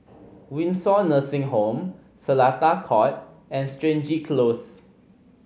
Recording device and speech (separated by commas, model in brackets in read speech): mobile phone (Samsung C5010), read sentence